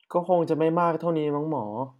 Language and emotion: Thai, frustrated